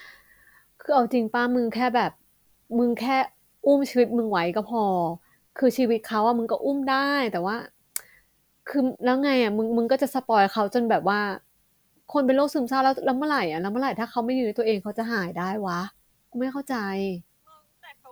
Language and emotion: Thai, frustrated